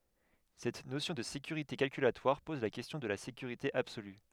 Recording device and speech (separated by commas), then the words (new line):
headset microphone, read sentence
Cette notion de sécurité calculatoire pose la question de la sécurité absolue.